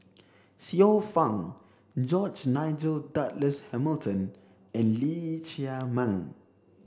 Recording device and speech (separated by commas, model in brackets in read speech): standing microphone (AKG C214), read sentence